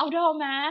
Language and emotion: Thai, neutral